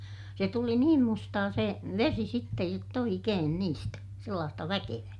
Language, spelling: Finnish, se tuli niin mustaa se vesi sitten jotta oikein niistä sellaista väkevää
- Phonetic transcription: se tuli niim mustaa se , vesi sittej jott ‿oikeen niistä , sellaasta väkevää .

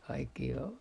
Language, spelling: Finnish, kaikkia on
- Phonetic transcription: kaikkii o ,.

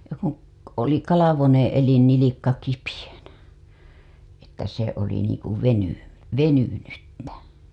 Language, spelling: Finnish, kun - oli kalvonen elin nilkka kipeänä että se oli niin kuin - venynyttä
- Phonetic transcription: kuṵ , k- , oli kalavoneḛ elin nilikka kipijäNÄ , että se oli niiŋkuv 'veny- , 'venynyttä .

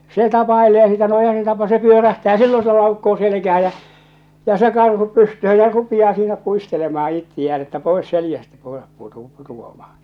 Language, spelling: Finnish, se tapailee sitä no eihän se - se pyörähtää silloin se laukkaa selkään ja ja se karhu pystyyn ja rupeaa siinä puistelemaan itseään että pois selästä koira - putoamaan
- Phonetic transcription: 'se 'tapaelee sitä no eihä se tapa- se 'pyörähtää 'sillo se "laukkoo 'selekähä jä , jä͔ se 'karhu 'pystöhö jä͔ 'rupiʲaa siinä 'puistelemaha 'ittiʲään ‿että 'poes 'seljästä 'koerap putu- , 'putuamahᴀ .

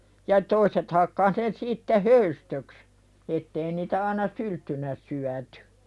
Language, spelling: Finnish, ja toiset hakkasi ne sitten höystöksi että ei niitä aina sylttynä syöty
- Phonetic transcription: ja 'toiset hakkah ne siitte "höystöks , 'ettei niitä aana "sylttynä syätʏ .

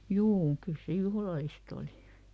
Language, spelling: Finnish, juu kyllä se juhlallista oli
- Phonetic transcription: "juu , ˈkyl se ˈjuhlalist ‿oli .

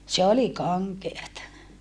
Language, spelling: Finnish, se oli kankeata
- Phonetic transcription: se oli kaŋkeata .

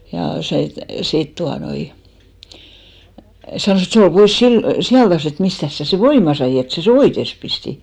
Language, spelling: Finnish, ja se sitten tuota noin sanoi että se oli pois - sijaltansa että mistäs sinä sen voiman sait että sinä sen oites pistit
- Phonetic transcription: ja se , 'sit tuanoi , 'sanòs ‿et » 'se ol 'pois sil- , 'sijaltas ‿et 'mistäs sä se "voima sai et sä se "oites pisti ? «

